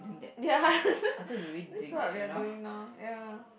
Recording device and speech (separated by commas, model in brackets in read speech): boundary microphone, conversation in the same room